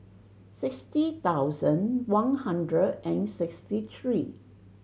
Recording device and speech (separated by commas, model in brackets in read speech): mobile phone (Samsung C7100), read sentence